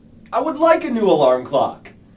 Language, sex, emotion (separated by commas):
English, male, happy